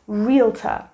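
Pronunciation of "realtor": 'Realtor' is pronounced correctly here.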